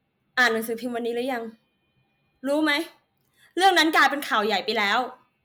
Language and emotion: Thai, angry